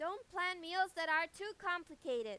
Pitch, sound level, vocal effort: 350 Hz, 100 dB SPL, very loud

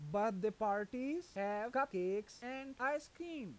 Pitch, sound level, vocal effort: 225 Hz, 93 dB SPL, loud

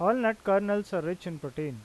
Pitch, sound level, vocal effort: 185 Hz, 90 dB SPL, normal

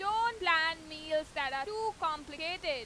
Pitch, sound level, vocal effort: 320 Hz, 101 dB SPL, very loud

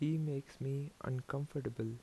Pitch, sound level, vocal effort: 140 Hz, 79 dB SPL, soft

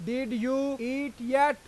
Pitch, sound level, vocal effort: 260 Hz, 97 dB SPL, loud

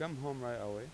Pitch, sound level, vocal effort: 130 Hz, 89 dB SPL, normal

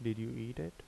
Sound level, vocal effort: 77 dB SPL, soft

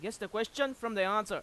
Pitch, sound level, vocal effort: 215 Hz, 98 dB SPL, very loud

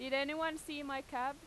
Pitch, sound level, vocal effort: 280 Hz, 93 dB SPL, loud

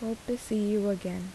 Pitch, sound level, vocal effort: 210 Hz, 77 dB SPL, soft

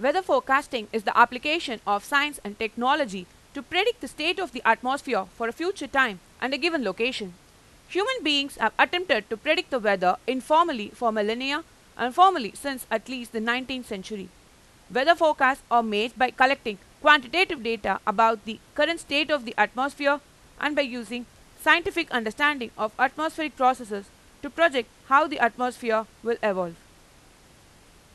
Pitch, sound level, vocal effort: 255 Hz, 96 dB SPL, loud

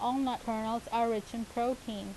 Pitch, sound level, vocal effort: 230 Hz, 85 dB SPL, normal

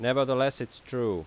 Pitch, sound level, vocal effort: 130 Hz, 90 dB SPL, loud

